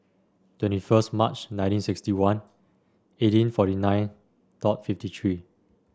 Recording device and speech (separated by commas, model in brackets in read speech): standing microphone (AKG C214), read sentence